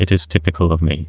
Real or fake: fake